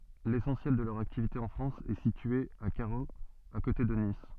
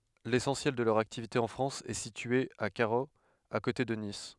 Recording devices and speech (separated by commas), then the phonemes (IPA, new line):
soft in-ear microphone, headset microphone, read sentence
lesɑ̃sjɛl də lœʁ aktivite ɑ̃ fʁɑ̃s ɛ sitye a kaʁoz a kote də nis